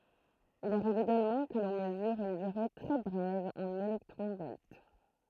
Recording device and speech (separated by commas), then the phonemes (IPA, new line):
throat microphone, read sentence
il aʁiv eɡalmɑ̃ kə lɔ̃ məzyʁ yn dyʁe tʁɛ bʁɛv ɑ̃n elɛktʁɔ̃ vɔlt